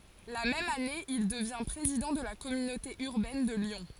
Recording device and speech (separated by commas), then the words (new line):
forehead accelerometer, read sentence
La même année, il devient président de la communauté urbaine de Lyon.